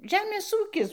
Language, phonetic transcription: Lithuanian, ˈžemės ˈūkis

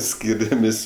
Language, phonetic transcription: Lithuanian, ˈskyriamės'

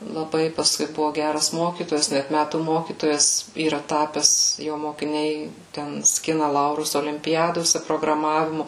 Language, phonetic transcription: Lithuanian, laˈbai pasˈkui ˈbuvo ˈgæras ˈmokytojas ˈnæt ˈmætų ˈmokytojas yˈra ˈtapes ˈjo mokiˈniai ˈten ˈskina ˈlaurus olimpiˈjadose prograˈmavimu

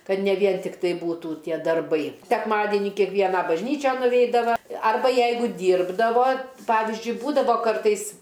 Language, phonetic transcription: Lithuanian, ˈkad ne ˈvien tikˈtai ˈbūtų ˈtie darˈbai sekˈmadienį kiekˈvieną bažˈnyčian nuˈveidava ˈarba ˈjeigu ˈdyrbdavo ˈpavizdžiui ˈbūdavo ˈkartais

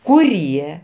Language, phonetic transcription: Lithuanian, kuˈrie

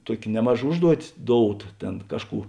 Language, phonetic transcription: Lithuanian, ˈtuok' ˈnemaˌža ˈužduotis ˈdouˌta ˈtėn ˈkažˌkų

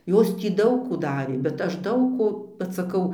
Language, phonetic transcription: Lithuanian, ˈjos ˈtį ˈdaug ˈkų ˈdarė bet ˈaš ˈdaug ˈko vat saˈkau

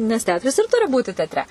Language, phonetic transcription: Lithuanian, nes ˈteatras ir ˈturi ˈbūti tetˈre

